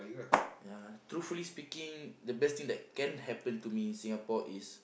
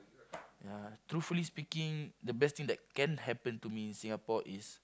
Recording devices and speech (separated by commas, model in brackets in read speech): boundary microphone, close-talking microphone, conversation in the same room